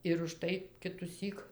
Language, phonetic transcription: Lithuanian, ir užˈtai kituˈsyk

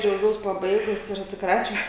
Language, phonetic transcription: Lithuanian, džiauˈgiaus paˈbaigus ir atsiˈkračius

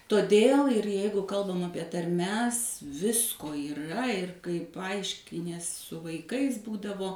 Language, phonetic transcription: Lithuanian, toˈdėl ir ˈjeigu ˈkalbam ˈapie tarˈmes ˈvisko yˈra ir kai paˈaiškinies su vaiˈkais ˈbūdavo

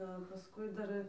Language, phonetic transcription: Lithuanian, ˈda pasˈkui ˈdar

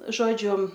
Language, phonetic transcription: Lithuanian, ˈžodžiu

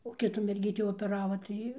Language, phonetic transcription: Lithuanian, o ˈkitų merˈgytį opeˈrava ˈtai

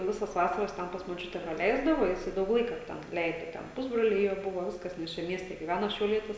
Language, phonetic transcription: Lithuanian, ˈvisas ˈvasaras ˈten pas moˈčiute praˈleisdavo ˈjisai ˈdaug ˈlaika ˈten ˈleido ˈten ˈpusbroliai ˈjo ˈbuvo ˈviskas nes ˈčia ˈmieste gyˈvæno šiauˈlietis

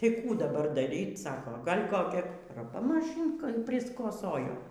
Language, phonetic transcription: Lithuanian, ˈtai ˈkų daˈbar daˈryt ˈsako ˈgal' koˈkia raˈpa maˈšynka priskoˈsojo

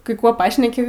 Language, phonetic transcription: Lithuanian, kai ˈkuo ˈpašneki

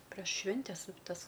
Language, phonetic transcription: Lithuanian, preš ˈšvintes ˈtas

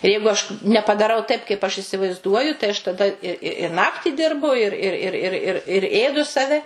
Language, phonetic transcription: Lithuanian, i ˈjeigu aš nepadaˈrau taip kaip aš isivaizˈduoju tai aš taˈda i i i nakti ˈdirbu ir ir ir ir ir ir ˈėdu saˈve

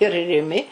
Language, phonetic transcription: Lithuanian, ir riˈmi

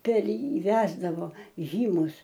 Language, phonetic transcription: Lithuanian, per ˈjį ˈvesdavo ˈžymus

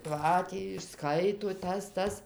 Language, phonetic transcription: Lithuanian, ˈką tį išˈskaito ˈtas ˈtas

